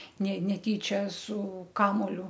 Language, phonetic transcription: Lithuanian, ne neˈtyčia su ˈkamuoliu

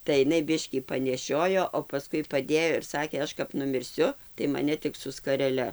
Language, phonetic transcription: Lithuanian, tai iˈnai ˈbiškį paneˈšiojo o paˈskui paˈdėjo ir ˈsakė ˈaš kap numirˈsiu tai maˈne ˈtik su skareˈle

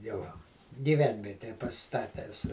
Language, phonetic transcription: Lithuanian, ˈjau gyˈvenvieteje paˈsistatęs

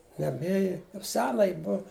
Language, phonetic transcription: Lithuanian, ˈjam ˈėji jau ˈsena ˈji ˈbuv

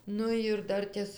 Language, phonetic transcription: Lithuanian, ˈnu ir ˈdartės

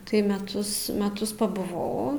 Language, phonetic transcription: Lithuanian, tai meˈtus meˈtus pabuˈvau

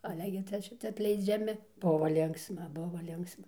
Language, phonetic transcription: Lithuanian, aˈle gi ˈcia ˈšicia atleidžiaˈmi ˈbuvo ˈlinksma ˈbuva ˈlinksma

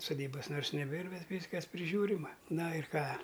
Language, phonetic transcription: Lithuanian, suˈdybas ˈ nors neˈbėr ˈbet ˈvyskas priˈžiūrima ˈna ir ˈką

